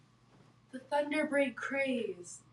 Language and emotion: English, happy